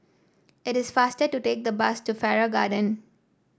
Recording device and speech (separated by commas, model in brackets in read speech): standing microphone (AKG C214), read sentence